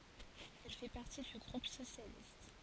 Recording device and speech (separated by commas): forehead accelerometer, read sentence